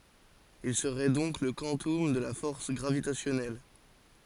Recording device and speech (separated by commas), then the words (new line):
forehead accelerometer, read sentence
Il serait donc le quantum de la force gravitationnelle.